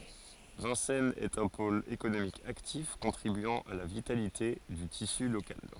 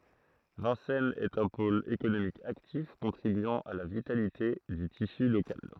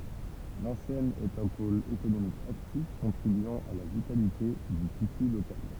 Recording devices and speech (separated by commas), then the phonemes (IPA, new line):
forehead accelerometer, throat microphone, temple vibration pickup, read sentence
vɛ̃sɛnz ɛt œ̃ pol ekonomik aktif kɔ̃tʁibyɑ̃ a la vitalite dy tisy lokal